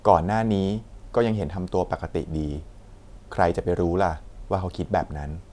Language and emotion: Thai, neutral